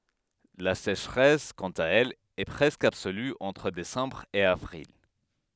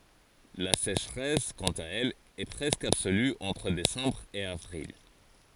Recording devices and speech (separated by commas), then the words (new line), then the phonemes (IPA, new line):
headset microphone, forehead accelerometer, read sentence
La sécheresse, quant à elle, est presque absolue entre décembre et avril.
la seʃʁɛs kɑ̃t a ɛl ɛ pʁɛskə absoly ɑ̃tʁ desɑ̃bʁ e avʁil